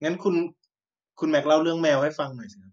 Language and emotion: Thai, neutral